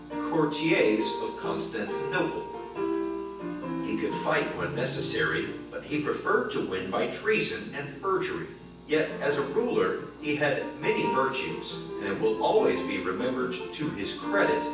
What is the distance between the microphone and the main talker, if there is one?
9.8 m.